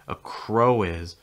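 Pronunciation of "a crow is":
In 'a crow is', a w sound at the end of 'crow' links into the i of 'is'.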